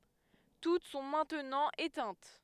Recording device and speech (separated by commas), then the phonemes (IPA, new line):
headset microphone, read sentence
tut sɔ̃ mɛ̃tnɑ̃ etɛ̃t